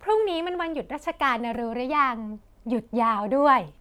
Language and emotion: Thai, happy